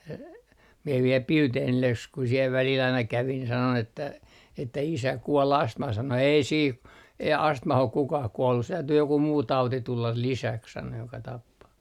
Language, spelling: Finnish, e minä vielä Bildenille s kun siellä välillä aina kävin sanoin että isä kuoli astmaan sanoi ei siihen ei astmaan ole kukaan kuollut se täytyy joku muu tauti tulla lisäksi sanoi joka tappaa
- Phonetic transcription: e - mie viel "Pilteenille ‿s - ku siel välil aina 'kävin sanon ‿että » 'isä 'kuol 'astmah » sano » 'ei 'siih , ei "astmah ok 'kukah 'kuollus se 'täytyy joku muu 'tauti 'tullal 'lisäks » sano » joka tappaa » .

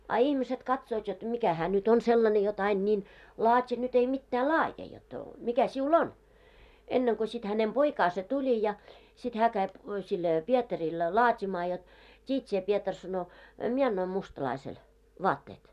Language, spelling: Finnish, a ihmiset katsovat jotta mikä hän nyt on sellainen jotta aina niin laati nyt ei mitään laadi jotta mikä sinulla on ennen kuin sitten hänen poikansa tuli ja sitten hän kävi sille Pietarille laatimaan jotta tiedät sinä Pietari sanoi minä annoin mustalaiselle vaatteet
- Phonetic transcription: a 'ihmiset 'katsoot jot 'mikä hää nyt ‿on 'sellane jot 'ain ńiin , 'laat́i nyt ei mittää "laaje jot , » 'mikä siu"l ‿on? « 'enneŋko sit hänem "poikaase 'tuĺi ja , sit 'hää käi 'sil , 'Pietaril , 'laat́imaa jot , » 't́iit sie 'Pietar « sano , » 'mie annoim 'mustalaisel , "vaatteet « .

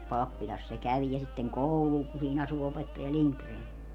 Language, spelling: Finnish, pappilassa se kävi ja sitten koululla kun siinä asui opettaja Lindgren
- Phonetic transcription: 'pappiĺas se 'käv ja sitteŋ "koulul ku 'siin ‿asu opettaja "Liŋkreen .

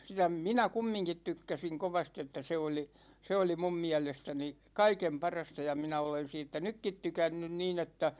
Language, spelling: Finnish, sitä minä kumminkin tykkäsin kovasti että se oli se oli minun mielestäni kaiken parasta ja minä olen siitä nytkin tykännyt niin että
- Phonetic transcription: sⁱtä̳§ "minä 'kummiŋkit 'tykkäsiŋ kovasti että 'se oli , 'se oli "mum 'miälestäni , "kaikem 'parasta ja 'minä olen 'siittä "nykkit 'tykännyn 'niin ‿että ,.

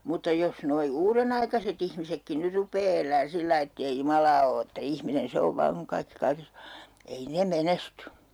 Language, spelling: Finnish, mutta jos nuo uudenaikaiset ihmisetkin nyt rupeaa elämään sillä lailla että ei Jumalaa ole että ihminen se on vain kun kaikki kaikessa on ei ne menesty
- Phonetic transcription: mutta 'jos noi "uurenaikaset ‿ihmisekki 'nyr rup̀ee 'el̀ään 'sillai ettei "Jumalaa o että "ihminen 'se ov 'vaaŋ kuŋ 'kaikki 'kaikes ‿o , 'ei 'ne "menesty .

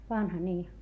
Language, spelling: Finnish, vanha niin
- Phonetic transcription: vanha nii .

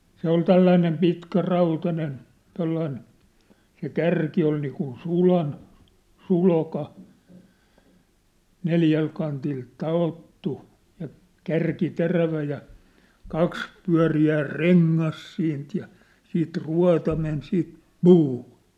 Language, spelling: Finnish, se oli tällainen pitkä rautainen tuollainen se kärki oli niin kuin sulan sulka neljältä kantilta taottu ja kärki terävä ja kaksi pyöreää rengasta siitä ja sitten ruota meni siitä puuhun
- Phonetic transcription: 'se ‿ol "tälläinem 'pitkä 'rautanen , 'tollain , se "kärki oi niikun "sulan , "sulka , 'neljäl kantil 'ta₍ottu , ja , 'kärki 'terävä ja , 'kaks 'pyä̭ri₍ää "reŋŋas siint ja , siit 'rua̭ta men siit , "puuhᴜ .

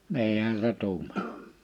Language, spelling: Finnish, niinhän se tuumasi
- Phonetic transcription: 'ni̬ihän se 'tuuma(s) .

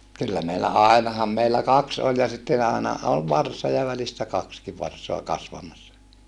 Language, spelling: Finnish, kyllä meillä ainahan meillä kaksi oli ja sitten aina oli varsa ja välistä kaksikin varsaa kasvamassa
- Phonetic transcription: kyllä meillä àinaham meillä kaks oĺ ja sitten ‿àena , ol varsa ja välistä kakski varsoa kasvamassa .

